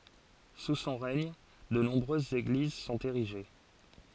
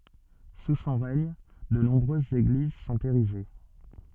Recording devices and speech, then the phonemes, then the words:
forehead accelerometer, soft in-ear microphone, read sentence
su sɔ̃ ʁɛɲ də nɔ̃bʁøzz eɡliz sɔ̃t eʁiʒe
Sous son règne, de nombreuses églises sont érigées.

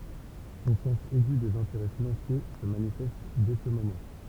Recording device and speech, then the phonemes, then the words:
temple vibration pickup, read sentence
sɔ̃ sɑ̃s ɛɡy dez ɛ̃teʁɛ finɑ̃sje sə manifɛst dɛ sə momɑ̃
Son sens aigu des intérêts financiers se manifeste dès ce moment.

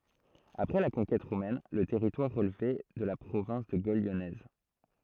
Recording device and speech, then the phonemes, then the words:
throat microphone, read sentence
apʁɛ la kɔ̃kɛt ʁomɛn lə tɛʁitwaʁ ʁəlvɛ də la pʁovɛ̃s də ɡol ljɔnɛz
Après la conquête romaine le territoire relevait de la province de Gaule lyonnaise.

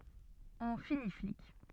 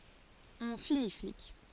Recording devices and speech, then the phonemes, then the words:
soft in-ear microphone, forehead accelerometer, read sentence
ɔ̃ fini flik
On finit flic.

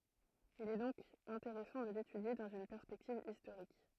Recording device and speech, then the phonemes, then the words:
throat microphone, read sentence
il ɛ dɔ̃k ɛ̃teʁɛsɑ̃ də letydje dɑ̃z yn pɛʁspɛktiv istoʁik
Il est donc intéressant de l’étudier dans une perspective historique.

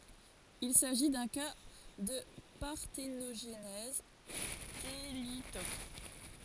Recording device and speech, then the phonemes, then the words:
forehead accelerometer, read sentence
il saʒi dœ̃ ka də paʁtenoʒnɛz telitok
Il s'agit d'un cas de parthénogenèse thélytoque.

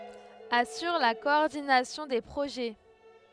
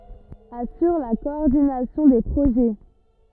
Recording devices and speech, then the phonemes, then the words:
headset microphone, rigid in-ear microphone, read sentence
asyʁ la kɔɔʁdinasjɔ̃ de pʁoʒɛ
Assure la coordination des projets.

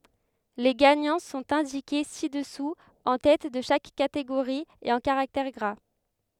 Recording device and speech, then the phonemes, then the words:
headset microphone, read sentence
le ɡaɲɑ̃ sɔ̃t ɛ̃dike si dəsu ɑ̃ tɛt də ʃak kateɡoʁi e ɑ̃ kaʁaktɛʁ ɡʁa
Les gagnants sont indiqués ci-dessous en tête de chaque catégorie et en caractères gras.

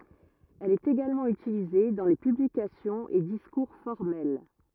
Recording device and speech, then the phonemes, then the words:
rigid in-ear microphone, read sentence
ɛl ɛt eɡalmɑ̃ ytilize dɑ̃ le pyblikasjɔ̃z e diskuʁ fɔʁmɛl
Elle est également utilisée dans les publications et discours formels.

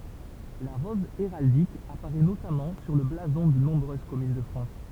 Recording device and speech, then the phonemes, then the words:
temple vibration pickup, read sentence
la ʁɔz eʁaldik apaʁɛ notamɑ̃ syʁ lə blazɔ̃ də nɔ̃bʁøz kɔmyn də fʁɑ̃s
La rose héraldique apparaît notamment sur le blason de nombreuses communes de France.

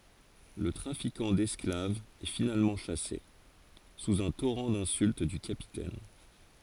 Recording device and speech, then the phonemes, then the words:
forehead accelerometer, read sentence
lə tʁafikɑ̃ dɛsklavz ɛ finalmɑ̃ ʃase suz œ̃ toʁɑ̃ dɛ̃sylt dy kapitɛn
Le trafiquant d'esclaves est finalement chassé, sous un torrent d'insultes du Capitaine.

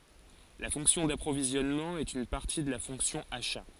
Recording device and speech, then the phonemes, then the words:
forehead accelerometer, read sentence
la fɔ̃ksjɔ̃ dapʁovizjɔnmɑ̃ ɛt yn paʁti də la fɔ̃ksjɔ̃ aʃa
La fonction d'approvisionnement est une partie de la fonction achats.

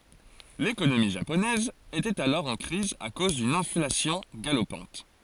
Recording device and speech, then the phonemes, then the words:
forehead accelerometer, read sentence
lekonomi ʒaponɛz etɛt alɔʁ ɑ̃ kʁiz a koz dyn ɛ̃flasjɔ̃ ɡalopɑ̃t
L'économie japonaise était alors en crise à cause d'une inflation galopante.

